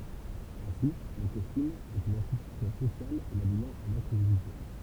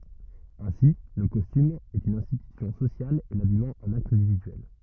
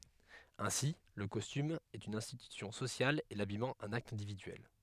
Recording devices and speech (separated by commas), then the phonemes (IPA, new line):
temple vibration pickup, rigid in-ear microphone, headset microphone, read sentence
ɛ̃si lə kɔstym ɛt yn ɛ̃stitysjɔ̃ sosjal e labijmɑ̃ œ̃n akt ɛ̃dividyɛl